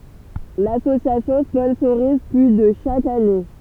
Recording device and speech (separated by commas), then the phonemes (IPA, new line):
temple vibration pickup, read sentence
lasosjasjɔ̃ spɔ̃soʁiz ply də ʃak ane